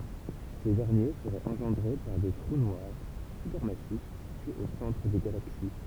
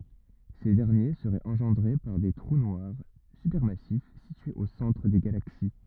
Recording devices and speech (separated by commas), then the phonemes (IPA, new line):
temple vibration pickup, rigid in-ear microphone, read sentence
se dɛʁnje səʁɛt ɑ̃ʒɑ̃dʁe paʁ de tʁu nwaʁ sypɛʁmasif sityez o sɑ̃tʁ de ɡalaksi